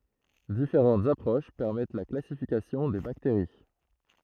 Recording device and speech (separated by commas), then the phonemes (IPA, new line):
throat microphone, read sentence
difeʁɑ̃tz apʁoʃ pɛʁmɛt la klasifikasjɔ̃ de bakteʁi